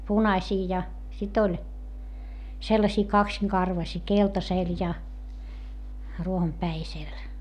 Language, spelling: Finnish, punaisia ja sitten oli sellaisia kaksinkarvaisia keltaisella ja ruohonpäisellä
- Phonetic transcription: punaśii ja , sit ‿oĺ , sellasii kaksiŋkarvasii , keltasèl ja , ruohompäisel .

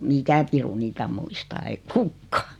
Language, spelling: Finnish, mikä piru niitä muistaa ei kukaan
- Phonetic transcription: 'mikä piru 'niitä muistaa 'ei "kukkᴀᴀ .

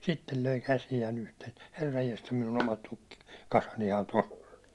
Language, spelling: Finnish, sitten löi käsiään yhteen herranjestas minun omat - tukkikasanihan tuossa on
- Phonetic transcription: 'sittel löi 'käsijää'n ‿uhteen̬ , » 'herrajjesta 'minun 'omat tukki- , -'kasanihan 'toss ‿on « ,.

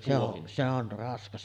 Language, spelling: Finnish, se on se on raskas
- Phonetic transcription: se ‿o’ , se on̳§ 'raskas .

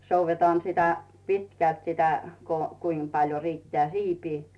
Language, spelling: Finnish, soudetaan sitä pitkälti sitä kun kuinka paljon riittää siipi
- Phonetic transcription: 'souvvetaan sitä , 'pitkält sitä , ko , 'kuim paljo riittᵉää "siipi .

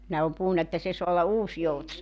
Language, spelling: Finnish, nehän on puhunut että se saa olla -
- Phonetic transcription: nehä om 'puhunna että 'se soa olla 'Uusjouts- .

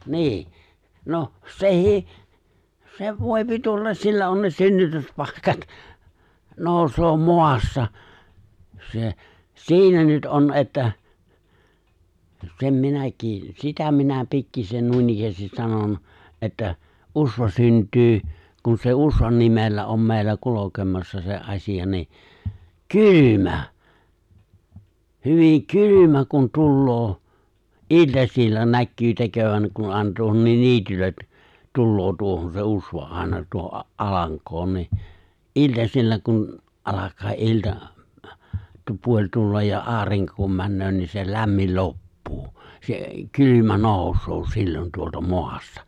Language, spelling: Finnish, niin no sekin se voi tulla sillä on ne synnytyspaikat nousee maasta se siinä nyt on että sen minäkin sitä minä pikkuisen noinikään sanon että usva syntyy kun se usvan nimellä on meillä kulkemassa se asia niin kylmä hyvin kylmä kun tulee iltasilla näkyy tekevän kun on tuohonkin niityllä tulee tuohon se usva aina tuohon alankoon niin iltasilla kun alkaa ilta - puoli tulla ja aurinko kun menee niin se lämmin loppuu se kylmä nousee silloin tuolta maasta
- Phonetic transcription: 'ni̬i̬ , noh , 'seh̀ii , se 'vòi̬pi 'tullas 'sillä on ne 'synnytyspàikat , 'nòus̀oo "moassa se , 'si̬inä nyt '’on ’että , sem 'minäkii , 'sitä minä 'pikkisen 'nuinik(kä)stis 'sanon , ’että , '’usva 'synt̀yy , kun se "usvan nimellä om mè̬i̬llä 'kulokemassa se '’aśija ni , "ky(l)ymä , 'hyviŋ "kylymä kun 'tulloo , '’il̜tasil̜l̜a 'näkkyy 'tekövän (ku ‿on tuohonniin) 'niityllä , 'tulloo 'tuohon se '’usva , 'àena tuoho’ '’alaŋk̀oon ni , '’il̜tasil̜l̜a kun , '’alak̀aa '’ilta , tu- 'puo͕ĺ 'tullaj ja '’aariŋko kum 'mäännöö nii se 'lämmil 'loppuu , se 'kylymä 'nooᵘsoo sillon tuolta 'moastᴀ .

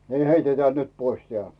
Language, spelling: Finnish, niin heitetään nyt pois tämä
- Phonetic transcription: nì "heiteteä̀ nyt 'pois 'teä̀ .

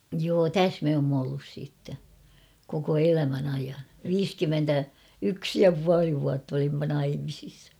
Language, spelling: Finnish, joo tässä me olemme ollut sitten koko elämän ajan viisikymmentä yksi ja puoli vuotta olimme naimisissa
- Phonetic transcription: joo "täs me oomm ‿ollus siitte , koko 'elämän ‿aijan ; "viiskymmentä , "yks ja 'puali vuatt ‿olimma 'naimisis .

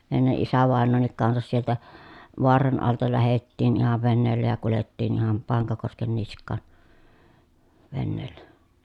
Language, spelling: Finnish, ennen isävainajankin kanssa sieltä Vaaran alta lähdettiin ihan veneellä ja kuljettiin ihan Pankakosken niskaan veneellä
- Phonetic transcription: enne ʼisävàennoonnik kansas sieltä , Voaran alta lähettiin ‿ihav veneellä ja kulettiin ‿iham Paŋkakosken nisk̆kàn , venneellä .

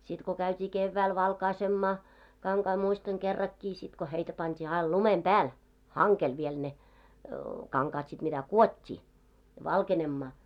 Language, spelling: Finnish, sitten kun käytiin keväällä valkaisemaan kankaita muistan kerrankin sitten kun heitä pantiin aina lumen päälle hangelle vielä ne kankaat sitten mitä kudottiin valkenemaan
- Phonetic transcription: sit ko käyt́ii 'kevväil 'valkaisemmaa , 'kaŋkai muistaŋ 'kerrakkii sit ko heitä 'pant́ii 'ail "lumem "ʙääl , 'haŋkel viel ne , 'kaŋkaat sit mitä "kuot́t́ii , "valkenemmaa .

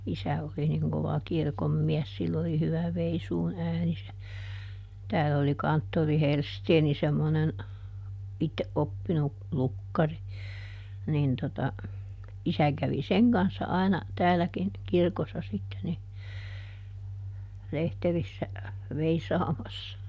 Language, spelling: Finnish, isä oli niin kova kirkonmies sillä oli hyvä veisuun ääni se täällä oli kanttori Hellsten semmoinen itse oppinut lukkari niin tuota isä kävi sen kanssa aina täälläkin kirkossa sitten niin lehterissä veisaamassa
- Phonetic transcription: ˈisä oli niŋ kova "kirkommiɛs sill ‿oli ˈhyvä ˈveisuun ˈääni se , tääll ‿oli ˈkanttori "Helsteeni semmonen , ˈʼitteʼ ˈʼoppinu , "lukkari , nin tota , ˈisä kävi "seŋ kanssa ˈai̮na , ˈtääläkin , ˈkirkossa sitte ni , ˈlehterissä , "veisaamassa .

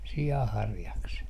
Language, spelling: Finnish, sianharjakset
- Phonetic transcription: si₍a'harjakset .

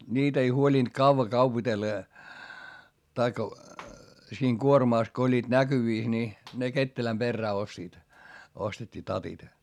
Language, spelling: Finnish, niitä ei huolinut kauan kaupitella ja tai siinä kuormassa kun olivat näkyvissä niin ne ketterän perään ostivat ostettiin tatit
- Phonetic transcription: niit ‿ei huoĺint kauva kaupitella ja , taikka , siiŋ kuormàs ko oĺĺiiD näkyvìs ni , ne ketteläm perrää ostiit , ostet́t́ii tatit .

